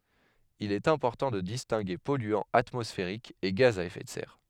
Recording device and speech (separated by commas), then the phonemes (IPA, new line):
headset microphone, read sentence
il ɛt ɛ̃pɔʁtɑ̃ də distɛ̃ɡe pɔlyɑ̃z atmɔsfeʁikz e ɡaz a efɛ də sɛʁ